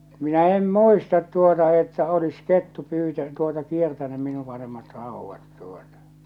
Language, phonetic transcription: Finnish, minä 'em "muistat tuota että olis "kettu 'pyytä- tuota 'kiertänym minu ̳ panemat 'ràuvvat tuotᴀ .
- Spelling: minä en muista tuota että olisi kettu - tuota kiertänyt minun panemat raudat tuota

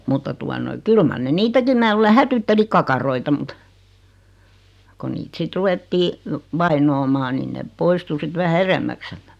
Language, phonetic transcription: Finnish, 'mutta tua noi "kyl mar 'ne "niitäkim 'mää luule 'hätytteli kakaroita mᵘt , ko niit 'sit "ruʷettii , 'vainoomaan nin nep "poistu 'sit 'vähä "eremmäks (siältä) .
- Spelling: mutta tuota noin kyllä mar ne niitäkin minä luulen hätyytteli kakaroita mutta kun niitä sitten ruvettiin vainoamaan niin ne poistui sitten vähän edemmäksi sieltä

